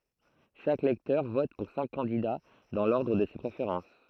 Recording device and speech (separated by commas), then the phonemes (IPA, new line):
throat microphone, read sentence
ʃak lɛktœʁ vɔt puʁ sɛ̃k kɑ̃dida dɑ̃ lɔʁdʁ də se pʁefeʁɑ̃s